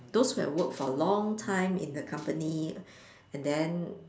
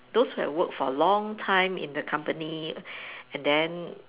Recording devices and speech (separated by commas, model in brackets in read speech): standing microphone, telephone, conversation in separate rooms